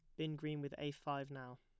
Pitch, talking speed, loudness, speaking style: 145 Hz, 260 wpm, -45 LUFS, plain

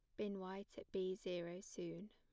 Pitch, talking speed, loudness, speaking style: 185 Hz, 190 wpm, -48 LUFS, plain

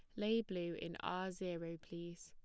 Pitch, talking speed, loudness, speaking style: 175 Hz, 175 wpm, -43 LUFS, plain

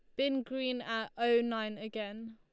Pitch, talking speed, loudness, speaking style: 230 Hz, 170 wpm, -34 LUFS, Lombard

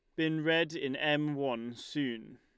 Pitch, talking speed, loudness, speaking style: 145 Hz, 165 wpm, -33 LUFS, Lombard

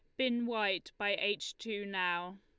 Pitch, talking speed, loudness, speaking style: 205 Hz, 165 wpm, -35 LUFS, Lombard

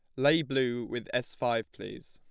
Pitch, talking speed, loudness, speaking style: 125 Hz, 190 wpm, -30 LUFS, plain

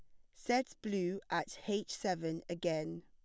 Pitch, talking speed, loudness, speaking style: 185 Hz, 135 wpm, -38 LUFS, plain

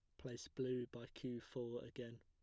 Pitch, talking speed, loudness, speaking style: 120 Hz, 180 wpm, -48 LUFS, plain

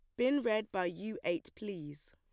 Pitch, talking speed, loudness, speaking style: 190 Hz, 190 wpm, -36 LUFS, plain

